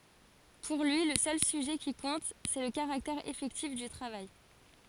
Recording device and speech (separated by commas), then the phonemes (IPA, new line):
forehead accelerometer, read sentence
puʁ lyi lə sœl syʒɛ ki kɔ̃t sɛ lə kaʁaktɛʁ efɛktif dy tʁavaj